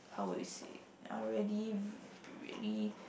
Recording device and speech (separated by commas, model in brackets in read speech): boundary microphone, conversation in the same room